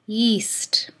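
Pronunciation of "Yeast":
There is no glottal stop at the start; the word just leads straight into the vowel.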